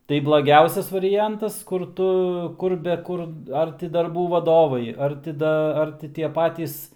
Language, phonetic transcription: Lithuanian, tai blaˈgiausias variˈjantas kur ˈtu ˈkur be ˈkur ˈar ti darˈbų vaˈdovai ˈar ti ˈda ˈar ti tie ˈpatys

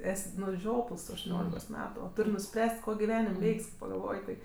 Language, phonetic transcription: Lithuanian, ˈes' nu ˈžiopls tu aštuˈniolikos ˈmetu o ˈtur' nuˈspręs't' ˈko giˈvenim' ˈveik's' kai pagalˈvoj tai

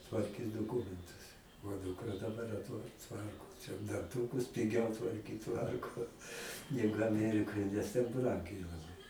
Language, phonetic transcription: Lithuanian, tvarˈkys doˈkumentus o ˈdūkra daˈbar atˈva ˈtvarko čia danˈtūkus piˈgiau tvarˈkyt ˈtvarko negu aˈmerikoj nes ten ˈbrangiai laˈbai

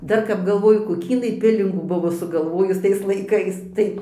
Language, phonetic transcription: Lithuanian, ˈdar kap galˈvoju koˈkį iˈnai ˈpilingų ˈbuvo sugalˈvojus ˈtais laiˈkais ˈtai

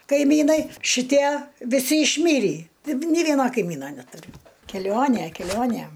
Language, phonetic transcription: Lithuanian, kaiˈmynai šiˈtie viˈsi išˈmyrį ˈtaip nė ˈvieno kaiˈmyno netuˈriu keˈlionė keˈlionė

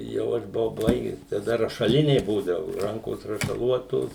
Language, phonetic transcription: Lithuanian, jau ˈaš buˈvau ˈbaiges taˈda rašaˈliniai ˈbūdavu ˈrankos rašaˈluotos

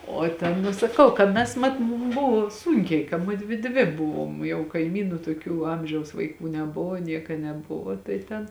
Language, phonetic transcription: Lithuanian, o ˈten nu saˈkau ka ˈmes ˈmat mum ˈbuvo ˈsūnkiai ka ˈmudvi ˈdvi ˈbuvom jau kaiˈmynu toˈkių ˈamžiaus vaiˈkų neˈbuvo ˈnieka neˈbuvo tai ˈten

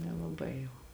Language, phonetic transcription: Lithuanian, nelaˈbai jau

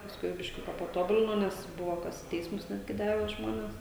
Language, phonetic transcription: Lithuanian, pasˈkui bišˈkiuka paˈtobulino ˈnes ˈbuvo ˈkas i ˈteismus ˈnetgi ˈdave ˈžmonės

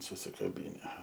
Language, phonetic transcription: Lithuanian, susikaˈbyne

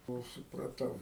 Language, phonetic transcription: Lithuanian, ˈkol supraˈtau

